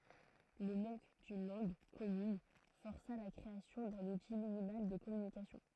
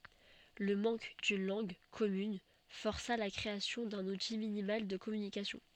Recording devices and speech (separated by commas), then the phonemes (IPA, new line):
throat microphone, soft in-ear microphone, read sentence
lə mɑ̃k dyn lɑ̃ɡ kɔmyn fɔʁsa la kʁeasjɔ̃ dœ̃n uti minimal də kɔmynikasjɔ̃